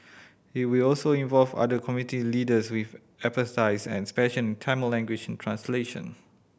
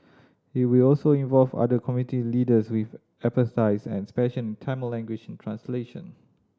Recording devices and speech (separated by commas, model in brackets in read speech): boundary microphone (BM630), standing microphone (AKG C214), read sentence